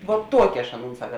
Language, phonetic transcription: Lithuanian, vot ˈtuoki aš ˈaˌnūn ˈsaka

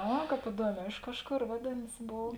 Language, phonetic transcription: Lithuanian, ˈa ˈkāp iˈduoˌmē ˈiš kažˌkor ˈvadėnas ˈbov

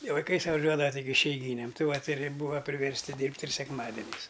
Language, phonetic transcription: Lithuanian, i vaiˈkai suvaˈžiuodava tik išeiˈgynėm ˈti vat' ir ˈbūva priversˈti ˈdyrbt' ir sekˈmadeniais

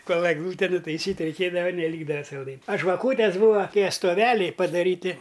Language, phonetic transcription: Lithuanian, ˈkol egˈlūte nutaiˈsyt' reiˈkėdava neˈlykdava salˈdain' a žvaˈkūtės ˈbūva ˈtie stoˈveliai padaˈryti

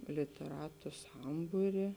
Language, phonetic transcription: Lithuanian, liteˈratu ˈsambūri

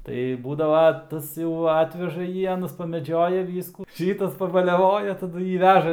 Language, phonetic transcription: Lithuanian, ˈtai ˈbūdava ˈtas jau ˈatveža ˈjį ˈanas pameˈdžioja ˈvyskų ˈšytas pabaliaˈvoja taˈdu ˈjį ˈveža

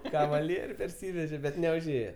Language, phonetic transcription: Lithuanian, kavaˈlierių perˈsyveže bet neužˈėje

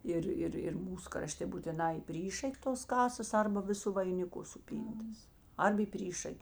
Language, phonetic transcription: Lithuanian, ˈir ˈir ir ˈmūs kraˈštė būtiˈnā į ˈpryšak' tos ˈkasas ˈarba ˈviˌsu vainiˈku suˈpyntas ˈarb į ˈpryšak'

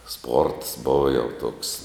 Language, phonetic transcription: Lithuanian, sports ˈbova jau tuoks

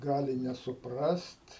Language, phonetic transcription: Lithuanian, ˈgali nesuˈprast

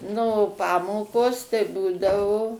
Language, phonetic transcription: Lithuanian, ˈnu ˈpamokos tai ˈbūdavo

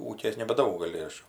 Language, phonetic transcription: Lithuanian, ˈūkės nebaˈdaug gaˈli ˈaš

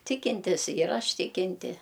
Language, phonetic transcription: Lithuanian, ˈtikintis jir ˈaš ˈtikinti

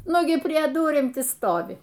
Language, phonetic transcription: Lithuanian, ˈnugi prie ˈdurim ˈti ˈstovi

